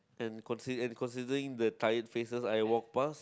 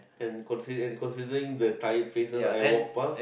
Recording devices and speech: close-talking microphone, boundary microphone, conversation in the same room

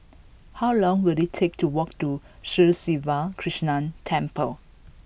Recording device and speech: boundary microphone (BM630), read sentence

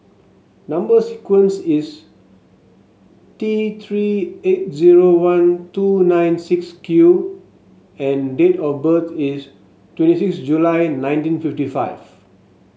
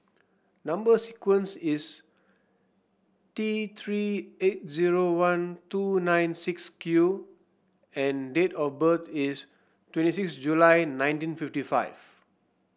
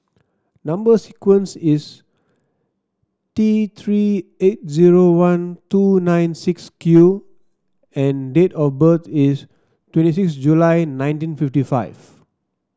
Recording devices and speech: mobile phone (Samsung S8), boundary microphone (BM630), standing microphone (AKG C214), read sentence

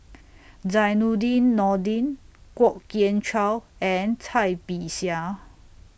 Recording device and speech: boundary microphone (BM630), read sentence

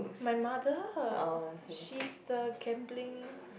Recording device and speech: boundary microphone, conversation in the same room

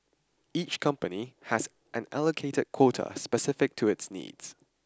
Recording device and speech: standing microphone (AKG C214), read sentence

